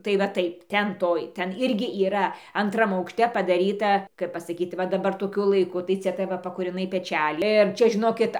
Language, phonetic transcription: Lithuanian, tai va ˈtaip ˈten ˈtoj ˈten ˈirgi yˈra anˈtram aukšˈte padaˈryta kaip pasaˈkyt ˈva daˈbar toˈkiu laiˈku tai ˈcia tai ˈva pakūriˈnai peˈčæli ir ˈčia žiˈnokit

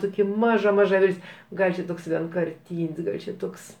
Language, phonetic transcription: Lithuanian, ˈtokia ˈmaža ˈmaža ˈvilt's' ˈgal' čia ˈtoks vienkarˈtyn's' ˈgal' čia ˈtoks

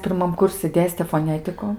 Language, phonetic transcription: Lithuanian, pirˈmam ˈkursi ˈdėstė foˈnetiku

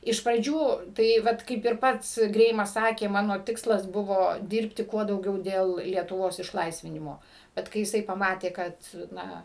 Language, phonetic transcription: Lithuanian, iš praˈdžių tai ˈvat kaip ir ˈpats ˈgreimas ˈsakė ˈmano ˈtikslas ˈbuvo ˈdirbti ˈkuo dauˈgiau dėl lietuˈvos išˈlaisvinimo ˈbet kai jiˈsai paˈmatė ˈkad ˈna

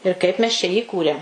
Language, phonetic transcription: Lithuanian, ir ˈkaip mes čia jį ˈikūrėm

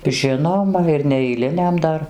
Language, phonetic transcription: Lithuanian, ˈžinoma ir neeiˈliniam ˈdar

